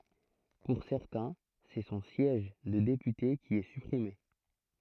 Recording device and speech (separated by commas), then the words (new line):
throat microphone, read sentence
Pour certains, c'est son siège de député qui est supprimé.